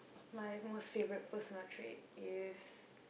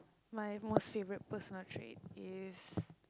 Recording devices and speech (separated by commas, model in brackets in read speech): boundary microphone, close-talking microphone, conversation in the same room